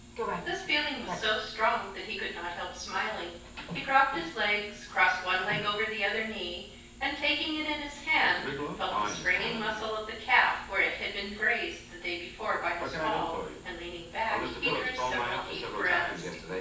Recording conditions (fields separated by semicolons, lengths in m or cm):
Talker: one person; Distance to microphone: 9.8 m; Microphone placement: far; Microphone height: 1.8 m; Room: large; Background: television